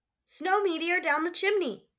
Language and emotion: English, happy